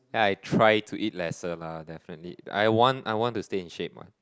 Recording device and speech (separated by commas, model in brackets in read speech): close-talking microphone, conversation in the same room